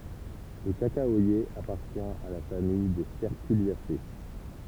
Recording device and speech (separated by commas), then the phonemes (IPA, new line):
temple vibration pickup, read sentence
lə kakawaje apaʁtjɛ̃ a la famij de stɛʁkyljase